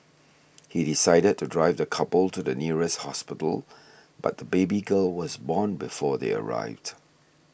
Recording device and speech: boundary microphone (BM630), read sentence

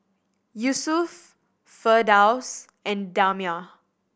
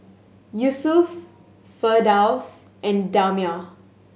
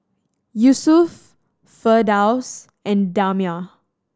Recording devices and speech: boundary microphone (BM630), mobile phone (Samsung S8), standing microphone (AKG C214), read sentence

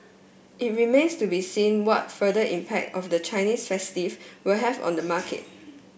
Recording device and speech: boundary microphone (BM630), read sentence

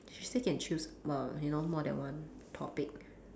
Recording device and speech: standing microphone, conversation in separate rooms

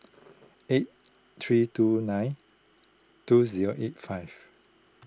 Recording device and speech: close-talking microphone (WH20), read sentence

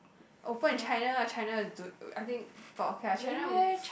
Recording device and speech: boundary microphone, conversation in the same room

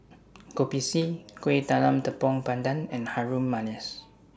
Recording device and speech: standing microphone (AKG C214), read sentence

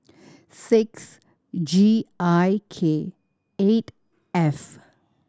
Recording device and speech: standing microphone (AKG C214), read sentence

